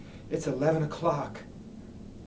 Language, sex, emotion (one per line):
English
male
fearful